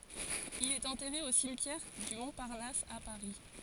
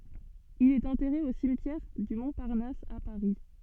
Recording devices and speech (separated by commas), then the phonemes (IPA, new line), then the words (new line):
forehead accelerometer, soft in-ear microphone, read sentence
il ɛt ɑ̃tɛʁe o simtjɛʁ dy mɔ̃paʁnas a paʁi
Il est enterré au cimetière du Montparnasse à Paris.